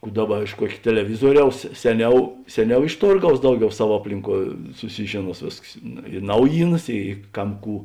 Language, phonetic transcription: Lithuanian, ˈkų ˈdaˌba iš ˈkuok' teleˈvizuoˌriaus ˈseˌniau ˈseˌniau iš ˈtorˌgaus ˈdauˌgiau ˈsav ˈaplinˌkuo suˈsižėˌnuos ˈvėsks i ˈnaujyˌnas i ˈkam ˈkų

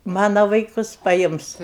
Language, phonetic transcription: Lithuanian, ˈmana vaiˈkus paˈjims

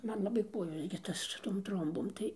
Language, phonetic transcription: Lithuanian, ˈman laˈbai ˈkuojos gi ˈtas su ˈtom ˈtrombom tai

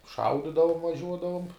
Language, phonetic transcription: Lithuanian, ˈšaudidavum vaˈžiuodavum

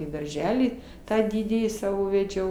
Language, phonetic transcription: Lithuanian, į darˈželį ˈtą ˈdidįjį ˈsavo veˈdžiau

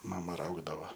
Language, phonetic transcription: Lithuanian, ˈmama ˈraugdava

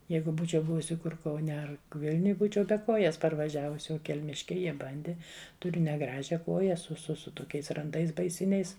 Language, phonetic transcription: Lithuanian, ˈjeigu ˈbūčiau ˈbuvusi ˈkur kauˈne ˈar ˈvilniuj ˈbūčiau be ˈkojas parvaˈžiavus o kelˈmiškiai ˈjie ˈbandi tuˈriu neˈgražia ˈkoja su su ˈsu toˈkiais ranˈdais baiˈsiniais

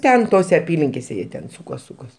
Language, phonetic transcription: Lithuanian, ˈten ˈtose aˈpylinkėse ˈjie ten ˈsukos ˈsukos

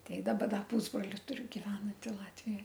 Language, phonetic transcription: Lithuanian, ˈtei ˈdaba ˈda ˈpūsbroli ˈturiu giˈvenanti ˈlatvijoj

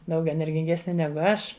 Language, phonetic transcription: Lithuanian, ˈdaug energinˈgesni ˈnegu ˈaš

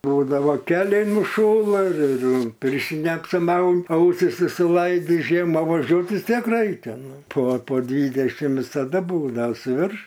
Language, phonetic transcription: Lithuanian, ˈbūdavo ˈkeliai nuˈšųla ir ir ˈpirštine apsiˈmaun ˈausis išsiˈlaidi ˈžiema vaˈžiuot vis ˈtiek ˈraikia ˈnu po po ˈdvydešim visaˈda ˈbūda suˈvirš

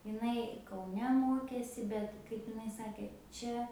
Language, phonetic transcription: Lithuanian, iˈnai kauˈne ˈmokėsi ˈbet kaip iˈnai ˈsakė ˈčia

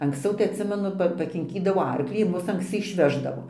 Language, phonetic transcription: Lithuanian, anksˈciau tai atˈsimenu ˈpa pakinˈkydavo ˈarklį ir ˈmus anksˈci išˈveždavo

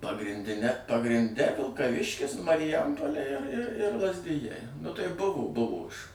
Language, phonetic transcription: Lithuanian, pagrinˈdine pagrinˈde vilkaˈviškis mariˈjampolė ir ir ir lazˈdijai nu tai ˈbuvo ˈbuvo iš

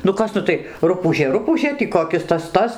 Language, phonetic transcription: Lithuanian, nu ˈkas ˈnu tai ˈrupūžė ˈrupūžė tį koˈkis ˈtas ˈtas

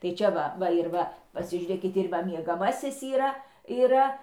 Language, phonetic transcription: Lithuanian, tai ˈčia va ˈva ir ˈva pasižiūˈrėkit ir ˈva miegaˈmasis yˈra yˈra

